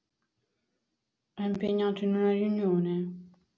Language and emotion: Italian, sad